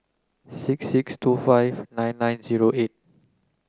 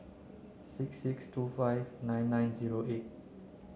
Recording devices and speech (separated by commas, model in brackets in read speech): close-talking microphone (WH30), mobile phone (Samsung C9), read sentence